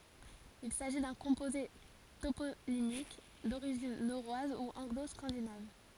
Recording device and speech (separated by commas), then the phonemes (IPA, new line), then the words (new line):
forehead accelerometer, read sentence
il saʒi dœ̃ kɔ̃poze toponimik doʁiʒin noʁwaz u ɑ̃ɡlo skɑ̃dinav
Il s'agit d'un composé toponymique d'origine norroise ou anglo-scandinave.